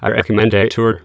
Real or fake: fake